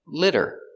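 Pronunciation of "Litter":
In 'litter', the i is a short i sound, and the t sounds like a d.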